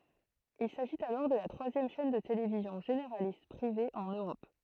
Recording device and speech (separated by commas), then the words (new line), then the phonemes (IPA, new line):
throat microphone, read sentence
Il s'agit alors de la troisième chaîne de télévision généraliste privée en Europe.
il saʒit alɔʁ də la tʁwazjɛm ʃɛn də televizjɔ̃ ʒeneʁalist pʁive ɑ̃n øʁɔp